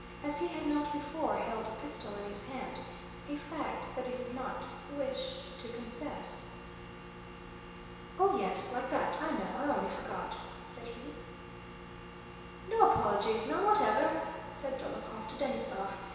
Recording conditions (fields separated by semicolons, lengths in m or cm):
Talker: one person; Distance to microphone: 1.7 m; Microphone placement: close; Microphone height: 1.0 m; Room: very reverberant, large; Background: none